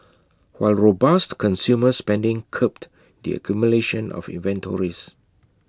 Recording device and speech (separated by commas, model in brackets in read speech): close-talking microphone (WH20), read sentence